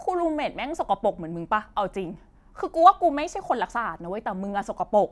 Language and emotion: Thai, angry